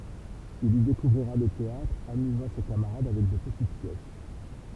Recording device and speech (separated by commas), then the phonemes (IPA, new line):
temple vibration pickup, read sentence
il i dekuvʁiʁa lə teatʁ amyzɑ̃ se kamaʁad avɛk də pətit pjɛs